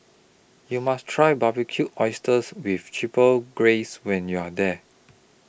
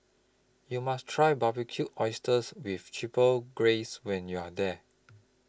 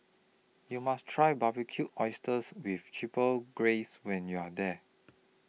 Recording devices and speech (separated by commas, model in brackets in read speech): boundary microphone (BM630), close-talking microphone (WH20), mobile phone (iPhone 6), read sentence